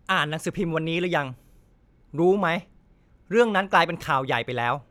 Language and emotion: Thai, frustrated